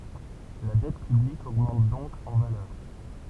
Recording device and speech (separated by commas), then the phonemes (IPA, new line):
temple vibration pickup, read sentence
la dɛt pyblik oɡmɑ̃t dɔ̃k ɑ̃ valœʁ